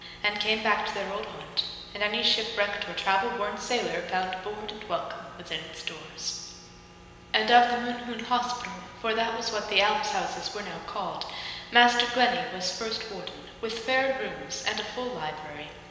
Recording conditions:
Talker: one person; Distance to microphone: 1.7 m; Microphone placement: close; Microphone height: 1.0 m; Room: very reverberant, large; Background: none

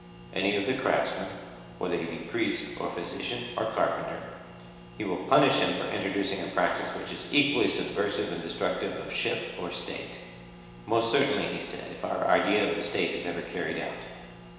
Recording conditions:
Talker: one person; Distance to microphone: 1.7 m; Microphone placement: close; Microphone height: 1.0 m; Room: very reverberant, large; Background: none

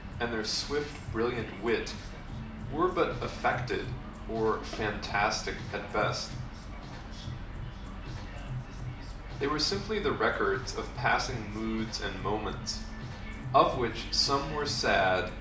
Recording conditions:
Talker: one person; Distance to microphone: 2.0 m; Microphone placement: close; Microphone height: 99 cm; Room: medium-sized (5.7 m by 4.0 m); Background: music

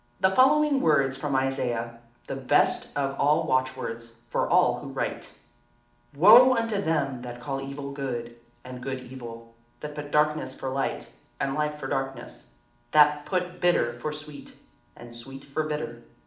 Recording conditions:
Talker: one person; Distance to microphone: 2.0 m; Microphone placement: close; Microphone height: 99 cm; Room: medium-sized (5.7 m by 4.0 m); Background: none

